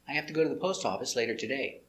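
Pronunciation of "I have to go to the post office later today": In 'I have to', the h of 'have' is silent.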